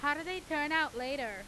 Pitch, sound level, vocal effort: 290 Hz, 98 dB SPL, very loud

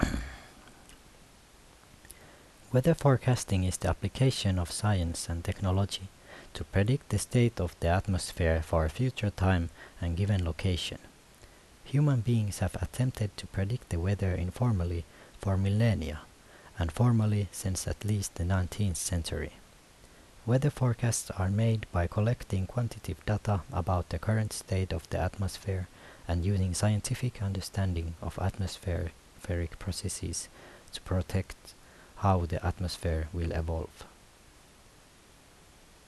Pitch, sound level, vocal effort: 95 Hz, 74 dB SPL, soft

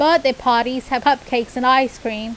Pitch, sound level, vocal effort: 255 Hz, 89 dB SPL, loud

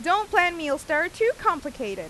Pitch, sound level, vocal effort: 340 Hz, 95 dB SPL, very loud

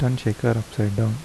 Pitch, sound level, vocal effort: 110 Hz, 76 dB SPL, soft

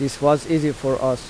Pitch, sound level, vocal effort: 140 Hz, 84 dB SPL, loud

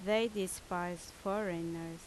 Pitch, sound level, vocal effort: 180 Hz, 82 dB SPL, loud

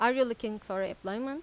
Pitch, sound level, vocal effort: 230 Hz, 91 dB SPL, loud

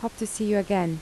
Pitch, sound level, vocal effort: 205 Hz, 77 dB SPL, soft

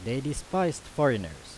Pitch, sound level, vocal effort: 135 Hz, 87 dB SPL, loud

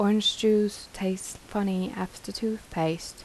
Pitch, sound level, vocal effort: 190 Hz, 79 dB SPL, soft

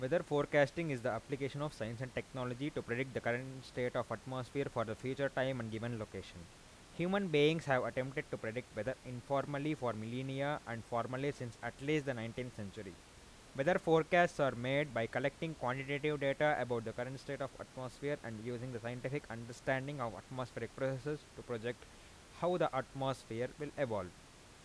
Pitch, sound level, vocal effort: 130 Hz, 89 dB SPL, loud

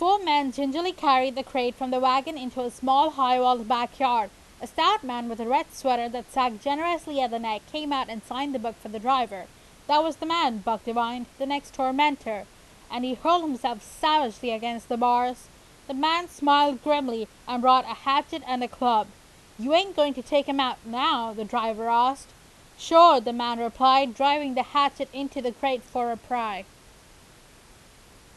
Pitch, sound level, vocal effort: 255 Hz, 93 dB SPL, very loud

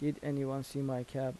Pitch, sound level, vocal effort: 135 Hz, 80 dB SPL, soft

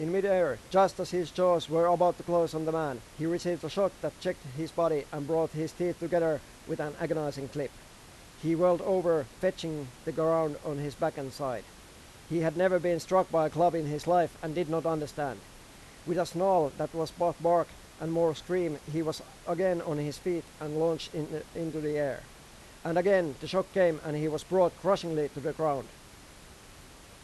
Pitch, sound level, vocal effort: 160 Hz, 93 dB SPL, loud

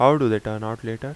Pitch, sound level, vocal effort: 115 Hz, 86 dB SPL, normal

